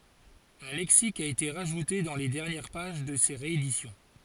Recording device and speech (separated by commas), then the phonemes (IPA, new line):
forehead accelerometer, read sentence
œ̃ lɛksik a ete ʁaʒute dɑ̃ le dɛʁnjɛʁ paʒ də se ʁeedisjɔ̃